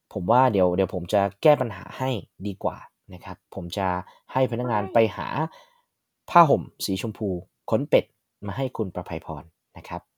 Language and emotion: Thai, neutral